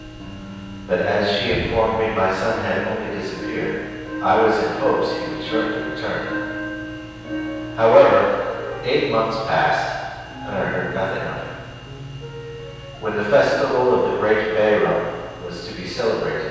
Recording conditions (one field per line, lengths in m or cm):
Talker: one person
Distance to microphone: 7.1 m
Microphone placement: far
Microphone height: 1.7 m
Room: very reverberant, large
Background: music